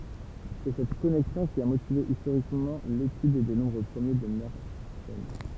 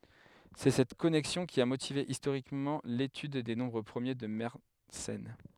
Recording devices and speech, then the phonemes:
temple vibration pickup, headset microphone, read sentence
sɛ sɛt kɔnɛksjɔ̃ ki a motive istoʁikmɑ̃ letyd de nɔ̃bʁ pʁəmje də mɛʁsɛn

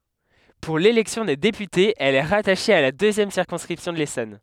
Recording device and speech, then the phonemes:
headset microphone, read sentence
puʁ lelɛksjɔ̃ de depytez ɛl ɛ ʁataʃe a la døzjɛm siʁkɔ̃skʁipsjɔ̃ də lesɔn

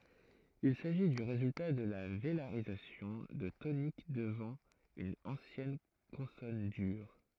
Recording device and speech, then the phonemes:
throat microphone, read sentence
il saʒi dy ʁezylta də la velaʁizasjɔ̃ də tonik dəvɑ̃ yn ɑ̃sjɛn kɔ̃sɔn dyʁ

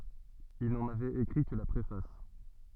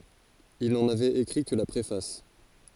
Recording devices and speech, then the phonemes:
soft in-ear microphone, forehead accelerometer, read sentence
il nɑ̃n avɛt ekʁi kə la pʁefas

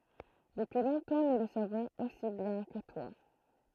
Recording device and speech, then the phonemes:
throat microphone, read sentence
dəpyi lɔ̃tɑ̃ nu lə savɔ̃z osi bjɛ̃ kə twa

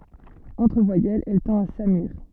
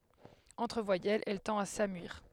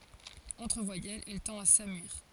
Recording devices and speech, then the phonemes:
soft in-ear microphone, headset microphone, forehead accelerometer, read sentence
ɑ̃tʁ vwajɛlz ɛl tɑ̃t a samyiʁ

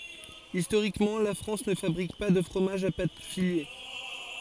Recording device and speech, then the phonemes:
forehead accelerometer, read sentence
istoʁikmɑ̃ la fʁɑ̃s nə fabʁik pa də fʁomaʒz a pat file

